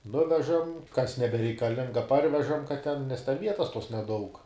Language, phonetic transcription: Lithuanian, ˈnuvežam kas nebereikaˈlinga ˈparvežam kad ten nes ten ˈvietas tuos neˈdaug

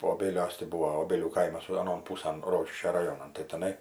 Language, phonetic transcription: Lithuanian, oˈbėliuos ti ˈbuvo oˈbėlių ˈkaimas aˈnon ˈpūsan ˈrokiškio raˈjonan tai teˈnai

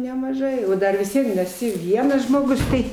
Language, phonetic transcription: Lithuanian, nemaˈžai o ˈdar vis ˈvien ir eˈsi ˈvienas žmoˈgus ˈtai

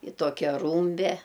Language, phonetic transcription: Lithuanian, i ˈtokia ˈrūmbe

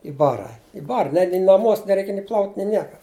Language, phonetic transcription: Lithuanian, i ˈbara i ˈbara ne ni naˈmuos neˈreik ni plaut' ni ˈnieka

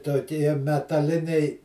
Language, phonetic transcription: Lithuanian, toˈkie metaˈliniai

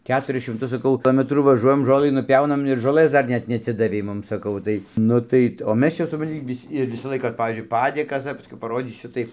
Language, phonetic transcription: Lithuanian, ˈketuris šimˈtus saˈkau ˈometrų vaˈžuojam ˈžolɨ nuˈpiaunam ir žoˈlɘs ˈdar ˈnet neatˈsidavei ˈmum saˈkau ˈtai ˈnu tai o ˈmes ˈčia supranˈti ˈvis' ir ˈvisą ˈlaiką ir ˈpavyzdžiui ˈpadėkas dar paˈskiau paˈrodysiu ˈtai

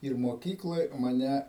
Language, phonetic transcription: Lithuanian, ir moˈkykloj maˈnæ

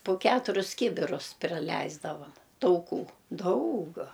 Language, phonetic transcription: Lithuanian, pu ˈketurius ˈkybirus priˈleisdavam tauˈkų ˈdaug

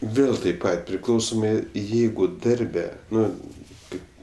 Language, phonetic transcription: Lithuanian, ˈvėl taip ˈpat priˈklausomai ˈjeigu ˈdarbe ˈnu ˈkaip

